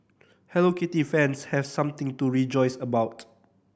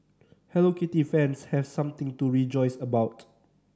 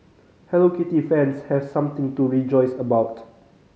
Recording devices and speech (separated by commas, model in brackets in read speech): boundary microphone (BM630), standing microphone (AKG C214), mobile phone (Samsung C5010), read sentence